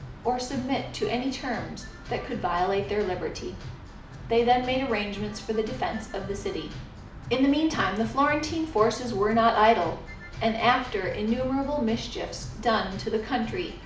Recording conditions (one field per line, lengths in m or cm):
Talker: one person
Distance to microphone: 2.0 m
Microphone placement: close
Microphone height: 99 cm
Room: medium-sized (5.7 m by 4.0 m)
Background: music